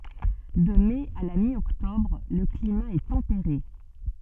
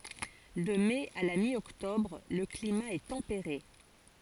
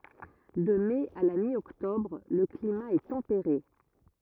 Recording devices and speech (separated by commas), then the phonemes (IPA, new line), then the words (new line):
soft in-ear microphone, forehead accelerometer, rigid in-ear microphone, read sentence
də mɛ a la mjɔktɔbʁ lə klima ɛ tɑ̃peʁe
De mai à la mi-octobre, le climat est tempéré.